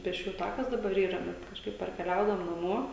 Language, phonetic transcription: Lithuanian, pėsˈčiųju ˈtakas daˈbar ˈyra ˈbet kažˈkaip parkeˈliaudavom naˈmuo

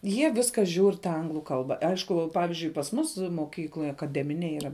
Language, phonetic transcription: Lithuanian, ˈjie ˈviska žiūr ta ˈanglu ˈkalba ˈaišku ˈpavižiui pas ˈmus moˈkykloj akaˈdeminėj yˈra

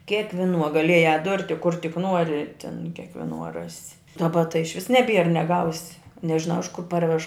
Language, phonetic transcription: Lithuanian, kėkviˈnuo gaˈliejā ˈdurti kur tik ˈnuori tin kėkviˈnuo ˈrasi daˈba tai išˈvis neˈbier neˈgausi nežiˈnau iš kur ˈparvež

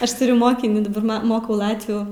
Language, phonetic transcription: Lithuanian, ˈaš tuˈriu ˈmokinį daˈbar ˈma ˈmokau ˈlatvių

